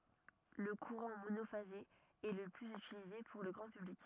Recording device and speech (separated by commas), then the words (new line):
rigid in-ear microphone, read sentence
Le courant monophasé est le plus utilisé pour le grand public.